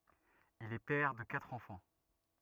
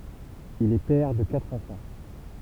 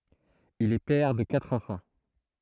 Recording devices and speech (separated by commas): rigid in-ear microphone, temple vibration pickup, throat microphone, read sentence